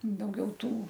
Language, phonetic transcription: Lithuanian, dauˈgiau ˈtų

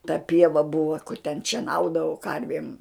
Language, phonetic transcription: Lithuanian, ta ˈpieva ˈbuva ten šieˈnaudavau ˈkarvėm

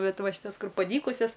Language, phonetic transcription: Lithuanian, ˈbet ˈva šiˈtas ˈkur paˈdykusias

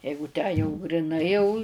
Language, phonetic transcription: Lithuanian, ˈjeigu tę jau griˈnai jau

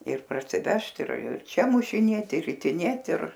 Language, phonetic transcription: Lithuanian, ir parsiˈvežt ir ir čia mušiˈnėti ir ritiˈnėt ir

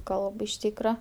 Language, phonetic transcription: Lithuanian, ˈkalb iš ˈtykra

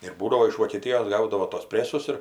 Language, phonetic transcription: Lithuanian, ir ˈbūdavo iš vokeˈtijos ˈgaudavo tuos ˈpresus ir

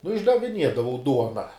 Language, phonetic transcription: Lithuanian, nu išdaviˈniedavau ˈduona

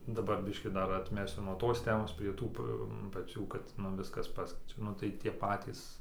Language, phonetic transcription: Lithuanian, daˈbar ˈbiškį ˈdar atˈmesiu nuo ˈtos ˈtemos prie ˈtų p paˈcių kad nu ˈviskas ˈpaskeičia ˈnu tai tie ˈpatys

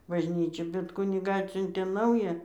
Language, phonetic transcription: Lithuanian, bažˈnyčia bet ˈkunigą ˈatsiuntė ˈnaują

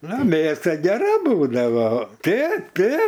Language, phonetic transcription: Lithuanian, ˈna ˈmėsa geˈra ˈbūdavo ˈtėp ˈtėp

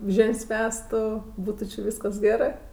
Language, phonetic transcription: Lithuanian, ˈžėn's' ˈvestu ˈbūtu či ˈvyskas ˈgerɜ

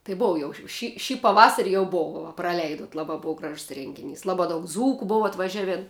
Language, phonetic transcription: Lithuanian, tai ˈbova jau š ši ˈšį paˈvasari jau ˈbova va praˈleidot ˈlaba ˈbova ˈgražs ˈrengiˌnys ˈlaba daug ˈdzūku ˈbova atvaˈžiavėn

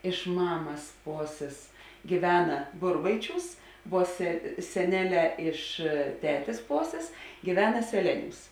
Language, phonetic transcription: Lithuanian, iš ˈmamas ˈposės gyˈvena ˈburbaiˌčiūs vuo se seˈneˌlē iš ˈtetės ˈposės gyˈvena seˈleˌniūs

